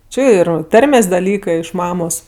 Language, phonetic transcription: Lithuanian, ˈči ˈir ˈtarmės' daˈlykɜ iš ˈmamos

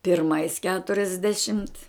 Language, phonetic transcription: Lithuanian, pirˈmais keturiasˈdešimt

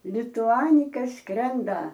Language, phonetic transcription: Lithuanian, lituˈanika ˈskrenda

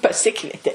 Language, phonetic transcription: Lithuanian, paˈsikvietė

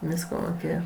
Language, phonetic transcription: Lithuanian, ˈvysko moˈkėje

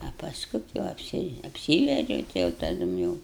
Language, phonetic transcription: Lithuanian, a paˈsku ti va apˈsi apˈsyvedžiau ˈtai jau taˈdum jau

